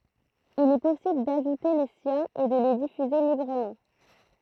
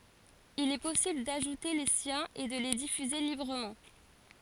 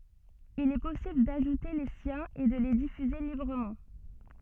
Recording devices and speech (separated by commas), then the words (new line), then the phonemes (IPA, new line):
throat microphone, forehead accelerometer, soft in-ear microphone, read sentence
Il est possible d'ajouter les siens et de les diffuser librement.
il ɛ pɔsibl daʒute le sjɛ̃z e də le difyze libʁəmɑ̃